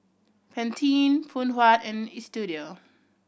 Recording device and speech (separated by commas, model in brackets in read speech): boundary microphone (BM630), read sentence